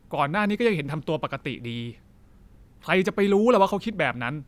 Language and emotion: Thai, angry